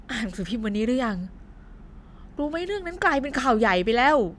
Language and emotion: Thai, neutral